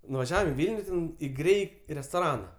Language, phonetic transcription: Lithuanian, nuvaˈžiavam i ˈvilniu ten i ˈgrei restoˈrana

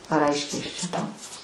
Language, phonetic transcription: Lithuanian, ar ˈaiškiai ˈaš čia ˈtau

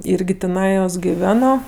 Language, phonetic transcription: Lithuanian, ˈirgi tiˈnajos giˈveno

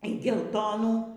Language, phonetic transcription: Lithuanian, y gelˈtonų

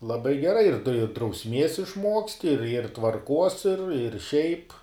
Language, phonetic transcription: Lithuanian, laˈbai geˈrai ir drausˈmies išˈmuoksti ir ir tvarˈkuos ir ir šiaip

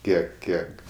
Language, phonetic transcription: Lithuanian, ˈkiek ˈkiek

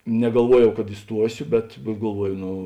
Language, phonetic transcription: Lithuanian, negalˈvuojau kad iˈstuosiu bet bet galˈvuoju ˈno

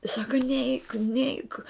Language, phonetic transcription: Lithuanian, jis ˈsaka neik neik

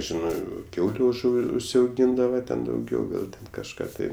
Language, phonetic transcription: Lithuanian, ˈžinɜ ˈkiauliu užˈu užsiauˈgyndava ten dauˈgiau gal ten kažˈką tai

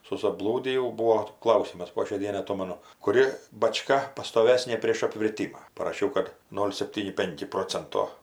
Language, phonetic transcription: Lithuanian, susaˈblūdijau ˈbūo ˈklausimas po šiai ˈdienai aˈtomanu kuˈri baˈčka pastoˈvesnė prėš apvirˈtyma paraˈšiau kad ˈnol' sepˈtyni ˈpenki ˈprocento

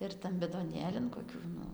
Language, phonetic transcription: Lithuanian, ir ˈtam bidoˈnėlin koˈkių nu

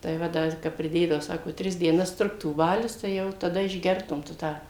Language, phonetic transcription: Lithuanian, tai ˈva ˈdar ˈkap priˈdėdavo ˈsako ˈtris dieˈnas ˈtruktų ˈbalius tai ˈjau taˈda išˈgertum tu ˈtą

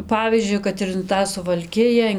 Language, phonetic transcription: Lithuanian, ˈpavyzdžiui kad in ˈtą suvalˈkija

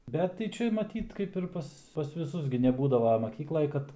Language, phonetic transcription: Lithuanian, ˈbet tai ˈčia maˈtyt kaip ir ˈpas pas viˈsus gi neˈbūdava maˈkyklaj ˈkad

